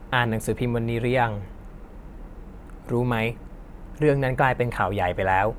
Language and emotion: Thai, neutral